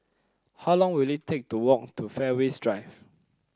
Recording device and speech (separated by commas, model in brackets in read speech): close-talking microphone (WH30), read sentence